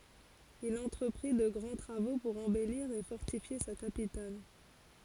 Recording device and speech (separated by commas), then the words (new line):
forehead accelerometer, read sentence
Il entreprit de grands travaux pour embellir et fortifier sa capitale.